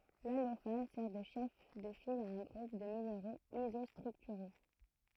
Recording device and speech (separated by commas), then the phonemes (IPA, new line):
throat microphone, read sentence
lalofan sɛʁ də ʃɛf də fil a œ̃ ɡʁup də mineʁoz izɔstʁyktyʁo